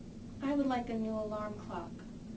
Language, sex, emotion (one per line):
English
female
neutral